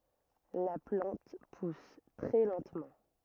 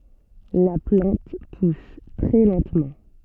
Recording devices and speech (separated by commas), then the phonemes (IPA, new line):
rigid in-ear microphone, soft in-ear microphone, read sentence
la plɑ̃t pus tʁɛ lɑ̃tmɑ̃